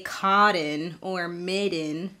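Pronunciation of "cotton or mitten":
'Cotton' and 'mitten' are pronounced incorrectly here: the T is said as a flap, and a flap is not used when the T comes before a syllabic N sound.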